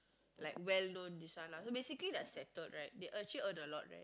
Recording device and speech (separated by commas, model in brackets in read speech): close-talking microphone, conversation in the same room